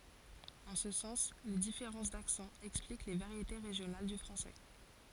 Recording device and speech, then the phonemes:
forehead accelerometer, read sentence
ɑ̃ sə sɑ̃s le difeʁɑ̃s daksɑ̃z ɛksplik le vaʁjete ʁeʒjonal dy fʁɑ̃sɛ

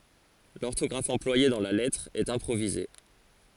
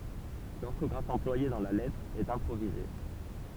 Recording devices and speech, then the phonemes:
forehead accelerometer, temple vibration pickup, read sentence
lɔʁtɔɡʁaf ɑ̃plwaje dɑ̃ la lɛtʁ ɛt ɛ̃pʁovize

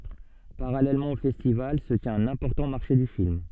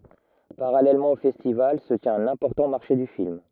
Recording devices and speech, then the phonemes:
soft in-ear microphone, rigid in-ear microphone, read sentence
paʁalɛlmɑ̃ o fɛstival sə tjɛ̃t œ̃n ɛ̃pɔʁtɑ̃ maʁʃe dy film

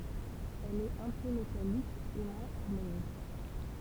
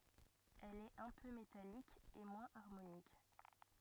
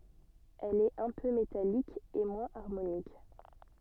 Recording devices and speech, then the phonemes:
temple vibration pickup, rigid in-ear microphone, soft in-ear microphone, read sentence
ɛl ɛt œ̃ pø metalik e mwɛ̃z aʁmonik

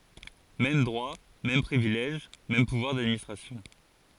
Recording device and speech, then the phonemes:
forehead accelerometer, read sentence
mɛm dʁwa mɛm pʁivilɛʒ mɛm puvwaʁ dadministʁasjɔ̃

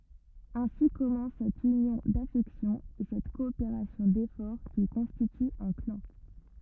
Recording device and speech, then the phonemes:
rigid in-ear microphone, read sentence
ɛ̃si kɔmɑ̃s sɛt ynjɔ̃ dafɛksjɔ̃z e sɛt kɔopeʁasjɔ̃ defɔʁ ki kɔ̃stity œ̃ klɑ̃

